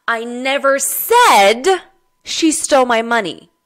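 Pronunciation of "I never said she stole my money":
In 'I never said she stole my money', the stress is on the word 'said'.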